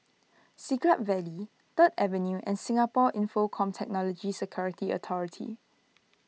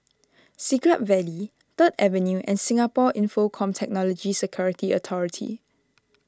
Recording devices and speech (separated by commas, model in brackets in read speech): mobile phone (iPhone 6), standing microphone (AKG C214), read sentence